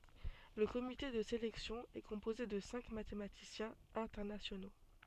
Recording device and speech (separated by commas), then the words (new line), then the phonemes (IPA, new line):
soft in-ear microphone, read sentence
Le comité de sélection est composé de cinq mathématiciens internationaux.
lə komite də selɛksjɔ̃ ɛ kɔ̃poze də sɛ̃k matematisjɛ̃z ɛ̃tɛʁnasjono